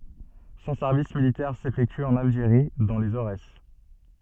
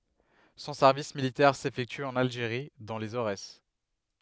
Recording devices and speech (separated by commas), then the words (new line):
soft in-ear microphone, headset microphone, read sentence
Son service militaire s'effectue en Algérie, dans les Aurès.